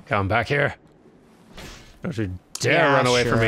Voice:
gruff